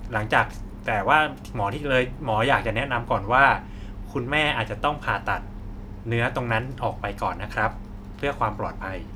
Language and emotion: Thai, neutral